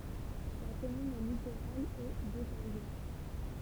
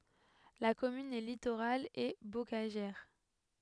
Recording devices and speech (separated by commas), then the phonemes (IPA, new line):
temple vibration pickup, headset microphone, read sentence
la kɔmyn ɛ litoʁal e bokaʒɛʁ